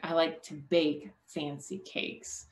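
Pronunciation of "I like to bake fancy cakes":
The word 'bake' is lengthened.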